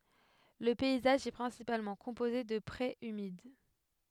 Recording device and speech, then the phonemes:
headset microphone, read sentence
lə pɛizaʒ ɛ pʁɛ̃sipalmɑ̃ kɔ̃poze də pʁez ymid

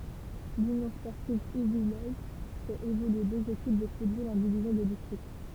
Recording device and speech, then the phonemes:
temple vibration pickup, read sentence
lynjɔ̃ spɔʁtiv uvijɛz fɛt evolye døz ekip də futbol ɑ̃ divizjɔ̃ də distʁikt

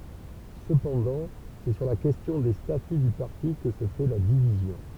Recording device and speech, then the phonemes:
temple vibration pickup, read sentence
səpɑ̃dɑ̃ sɛ syʁ la kɛstjɔ̃ de staty dy paʁti kə sə fɛ la divizjɔ̃

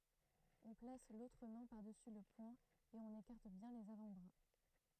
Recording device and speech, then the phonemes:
throat microphone, read sentence
ɔ̃ plas lotʁ mɛ̃ paʁdəsy lə pwɛ̃ e ɔ̃n ekaʁt bjɛ̃ lez avɑ̃tbʁa

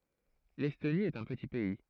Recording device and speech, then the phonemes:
throat microphone, read sentence
lɛstoni ɛt œ̃ pəti pɛi

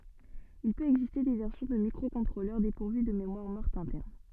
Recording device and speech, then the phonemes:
soft in-ear microphone, read sentence
il pøt ɛɡziste de vɛʁsjɔ̃ də mikʁokɔ̃tʁolœʁ depuʁvy də memwaʁ mɔʁt ɛ̃tɛʁn

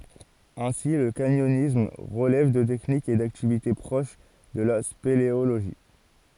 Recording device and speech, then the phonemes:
forehead accelerometer, read sentence
ɛ̃si lə kaɲɔnism ʁəlɛv də tɛknikz e daktivite pʁoʃ də la speleoloʒi

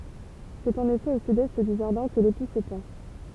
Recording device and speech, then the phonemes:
temple vibration pickup, read sentence
sɛt ɑ̃n efɛ o sydɛst dy ʒaʁdɛ̃ kə lepu sə pɑ̃

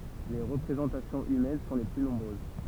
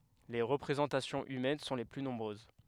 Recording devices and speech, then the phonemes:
temple vibration pickup, headset microphone, read sentence
le ʁəpʁezɑ̃tasjɔ̃z ymɛn sɔ̃ le ply nɔ̃bʁøz

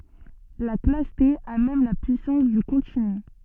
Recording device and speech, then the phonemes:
soft in-ear microphone, read sentence
la klas te a mɛm la pyisɑ̃s dy kɔ̃tiny

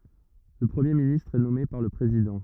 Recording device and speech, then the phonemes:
rigid in-ear microphone, read sentence
lə pʁəmje ministʁ ɛ nɔme paʁ lə pʁezidɑ̃

